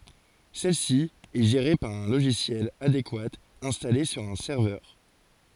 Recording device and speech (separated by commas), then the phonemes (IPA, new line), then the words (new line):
forehead accelerometer, read sentence
sɛl si ɛ ʒeʁe paʁ œ̃ loʒisjɛl adekwa ɛ̃stale syʁ œ̃ sɛʁvœʁ
Celle-ci est gérée par un logiciel adéquat installé sur un serveur.